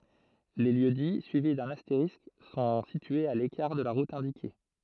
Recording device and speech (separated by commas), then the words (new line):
throat microphone, read sentence
Les lieux-dits suivis d'un astérisque sont situés à l'écart de la route indiquée.